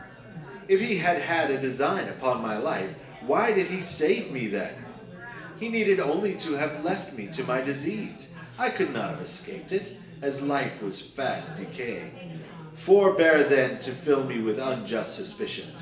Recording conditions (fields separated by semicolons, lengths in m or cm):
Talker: one person; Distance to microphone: 1.8 m; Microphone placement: close; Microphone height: 1.0 m; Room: large; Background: babble